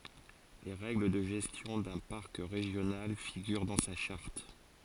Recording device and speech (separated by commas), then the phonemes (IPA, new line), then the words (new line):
forehead accelerometer, read sentence
le ʁɛɡl də ʒɛstjɔ̃ dœ̃ paʁk ʁeʒjonal fiɡyʁ dɑ̃ sa ʃaʁt
Les règles de gestion d'un parc régional figurent dans sa charte.